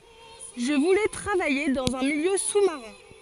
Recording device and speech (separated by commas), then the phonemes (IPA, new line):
forehead accelerometer, read sentence
ʒə vulɛ tʁavaje dɑ̃z œ̃ miljø su maʁɛ̃